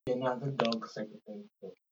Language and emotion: English, sad